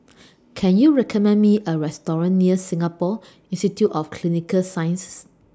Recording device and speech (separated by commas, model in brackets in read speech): standing microphone (AKG C214), read sentence